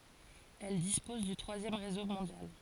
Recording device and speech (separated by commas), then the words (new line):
forehead accelerometer, read sentence
Elle dispose du troisième réseau mondial.